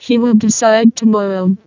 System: VC, vocoder